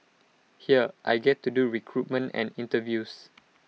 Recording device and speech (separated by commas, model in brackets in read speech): mobile phone (iPhone 6), read sentence